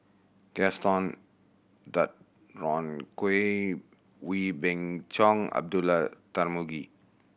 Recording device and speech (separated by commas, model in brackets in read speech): boundary microphone (BM630), read sentence